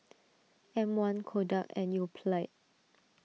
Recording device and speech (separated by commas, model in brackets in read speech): mobile phone (iPhone 6), read sentence